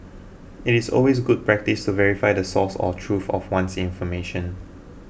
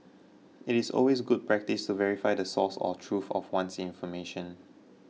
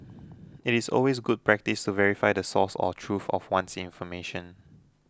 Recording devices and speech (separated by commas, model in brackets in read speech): boundary microphone (BM630), mobile phone (iPhone 6), close-talking microphone (WH20), read sentence